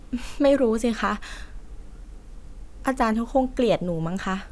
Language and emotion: Thai, frustrated